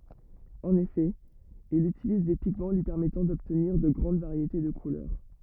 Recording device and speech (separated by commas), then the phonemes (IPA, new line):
rigid in-ear microphone, read sentence
ɑ̃n efɛ il ytiliz de piɡmɑ̃ lyi pɛʁmɛtɑ̃ dɔbtniʁ də ɡʁɑ̃d vaʁjete də kulœʁ